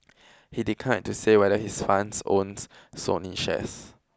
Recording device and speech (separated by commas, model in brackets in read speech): close-talking microphone (WH20), read sentence